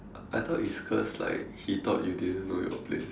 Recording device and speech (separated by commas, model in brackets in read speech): standing microphone, conversation in separate rooms